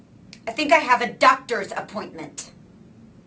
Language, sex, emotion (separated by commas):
English, female, angry